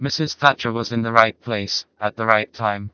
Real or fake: fake